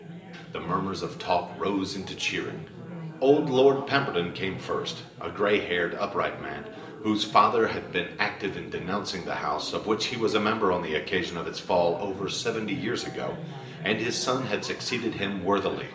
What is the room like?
A sizeable room.